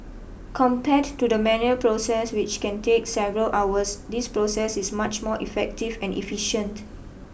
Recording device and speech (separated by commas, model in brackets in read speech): boundary microphone (BM630), read sentence